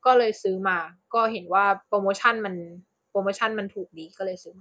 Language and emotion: Thai, neutral